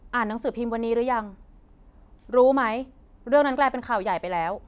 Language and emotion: Thai, frustrated